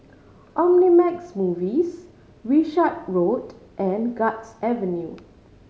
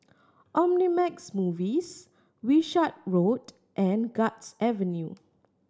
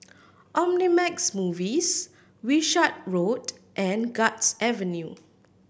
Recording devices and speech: mobile phone (Samsung C5010), standing microphone (AKG C214), boundary microphone (BM630), read sentence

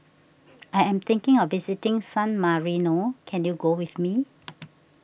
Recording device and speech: boundary microphone (BM630), read sentence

